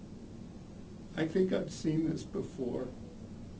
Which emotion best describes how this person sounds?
sad